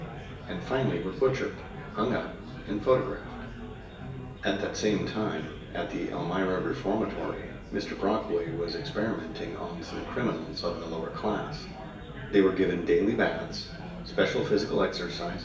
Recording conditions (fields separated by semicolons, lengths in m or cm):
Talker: one person; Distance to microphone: 1.8 m; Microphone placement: close; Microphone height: 1.0 m; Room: large; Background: babble